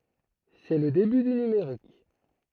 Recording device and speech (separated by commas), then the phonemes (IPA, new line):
throat microphone, read sentence
sɛ lə deby dy nymeʁik